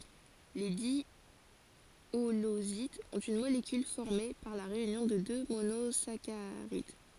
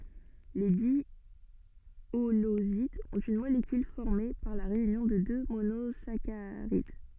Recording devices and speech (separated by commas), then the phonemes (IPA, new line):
forehead accelerometer, soft in-ear microphone, read sentence
le djolozidz ɔ̃t yn molekyl fɔʁme paʁ la ʁeynjɔ̃ də dø monozakaʁid